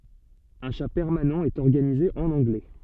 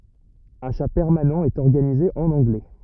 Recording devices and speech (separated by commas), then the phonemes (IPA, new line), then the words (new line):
soft in-ear microphone, rigid in-ear microphone, read sentence
œ̃ ʃa pɛʁmanɑ̃ ɛt ɔʁɡanize ɑ̃n ɑ̃ɡlɛ
Un chat permanent est organisé en anglais.